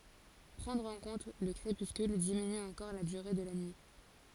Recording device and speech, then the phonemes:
forehead accelerometer, read sentence
pʁɑ̃dʁ ɑ̃ kɔ̃t lə kʁepyskyl diminy ɑ̃kɔʁ la dyʁe də la nyi

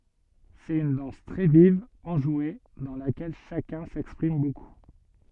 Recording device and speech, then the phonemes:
soft in-ear microphone, read sentence
sɛt yn dɑ̃s tʁɛ viv ɑ̃ʒwe dɑ̃ lakɛl ʃakœ̃ sɛkspʁim boku

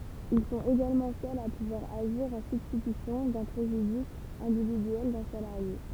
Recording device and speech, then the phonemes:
temple vibration pickup, read sentence
il sɔ̃t eɡalmɑ̃ sœlz a puvwaʁ aʒiʁ ɑ̃ sybstitysjɔ̃ dœ̃ pʁeʒydis ɛ̃dividyɛl dœ̃ salaʁje

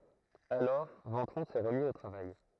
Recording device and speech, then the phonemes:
throat microphone, read sentence
alɔʁ vɑ̃tʁɔ̃ sɛ ʁəmi o tʁavaj

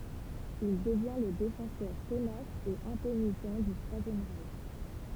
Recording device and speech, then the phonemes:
temple vibration pickup, read sentence
il dəvjɛ̃ lə defɑ̃sœʁ tənas e ɛ̃penitɑ̃ dy tʁwazjɛm ʁɛʃ

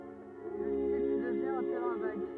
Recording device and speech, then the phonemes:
rigid in-ear microphone, read sentence
lə sit dəvjɛ̃ œ̃ tɛʁɛ̃ vaɡ

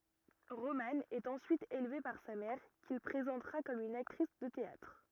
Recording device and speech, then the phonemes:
rigid in-ear microphone, read sentence
ʁomɑ̃ ɛt ɑ̃syit elve paʁ sa mɛʁ kil pʁezɑ̃tʁa kɔm yn aktʁis də teatʁ

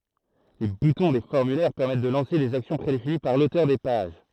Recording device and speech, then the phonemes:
throat microphone, read sentence
le butɔ̃ de fɔʁmylɛʁ pɛʁmɛt də lɑ̃se dez aksjɔ̃ pʁedefini paʁ lotœʁ de paʒ

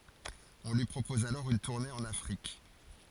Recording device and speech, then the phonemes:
forehead accelerometer, read sentence
ɔ̃ lyi pʁopɔz alɔʁ yn tuʁne ɑ̃n afʁik

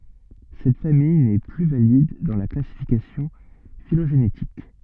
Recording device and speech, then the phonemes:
soft in-ear microphone, read sentence
sɛt famij nɛ ply valid dɑ̃ la klasifikasjɔ̃ filoʒenetik

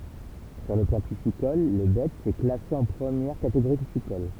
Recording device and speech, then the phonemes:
temple vibration pickup, read sentence
syʁ lə plɑ̃ pisikɔl lə bɛts ɛ klase ɑ̃ pʁəmjɛʁ kateɡoʁi pisikɔl

